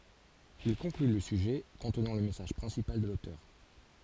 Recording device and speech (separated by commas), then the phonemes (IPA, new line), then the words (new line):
forehead accelerometer, read sentence
il kɔ̃kly lə syʒɛ kɔ̃tnɑ̃ lə mɛsaʒ pʁɛ̃sipal də lotœʁ
Il conclut le sujet, contenant le message principal de l'auteur.